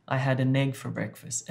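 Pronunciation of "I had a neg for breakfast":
In 'I had an egg for breakfast', 'an egg' is linked together, so the n joins onto 'egg' and it sounds like 'a neg'.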